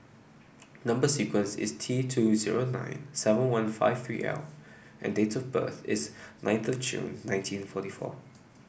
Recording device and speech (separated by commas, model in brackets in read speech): boundary microphone (BM630), read sentence